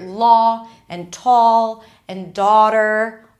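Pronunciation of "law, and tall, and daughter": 'Law', 'tall' and 'daughter' are all said with the aw sound, the East Coast American way, not merged into the ah sound of 'father'.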